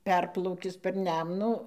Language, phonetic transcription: Lithuanian, ˈperplaukis per ˈnemnų

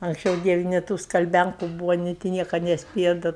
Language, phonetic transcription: Lithuanian, anksˈčiau ˈdieve nė ˈtų skalˈbænku ˈbūva nė ti ˈnieka nesˈpėja da

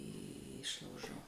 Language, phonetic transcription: Lithuanian, ˈišlaužo

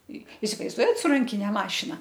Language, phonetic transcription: Lithuanian, i isivaizˈduojat su ˈrankine ˈmašina

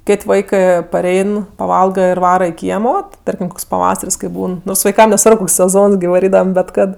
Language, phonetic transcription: Lithuanian, ˈkėt' ˈvaikɜ paˈrein paˈvalga ir ˈvara i ˈkiemo ti ˈtarkim ˈkoks paˈvasar's' kai ˈbūn vaiˈkam neˈsvarb ˈkoks seˈzons gi vaˈrydavam bet ˈkad

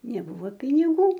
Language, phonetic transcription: Lithuanian, neˈbuvo piniˈgų

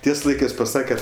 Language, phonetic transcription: Lithuanian, ˈties ˈlaikɜs paˈsake

